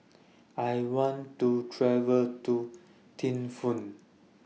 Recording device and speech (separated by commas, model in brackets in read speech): mobile phone (iPhone 6), read sentence